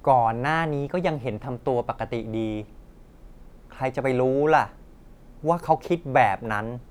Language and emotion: Thai, frustrated